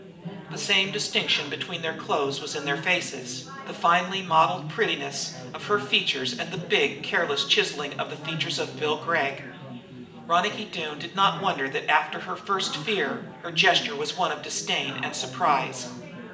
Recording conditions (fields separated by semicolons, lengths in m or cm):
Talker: one person; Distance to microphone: 1.8 m; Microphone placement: close; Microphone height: 1.0 m; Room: large; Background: babble